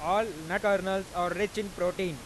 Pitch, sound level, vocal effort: 190 Hz, 99 dB SPL, loud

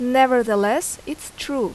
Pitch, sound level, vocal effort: 265 Hz, 86 dB SPL, loud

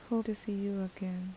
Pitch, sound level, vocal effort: 200 Hz, 76 dB SPL, soft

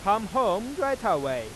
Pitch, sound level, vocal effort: 225 Hz, 100 dB SPL, loud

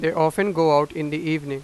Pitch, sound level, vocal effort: 155 Hz, 95 dB SPL, loud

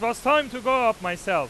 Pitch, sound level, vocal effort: 235 Hz, 105 dB SPL, very loud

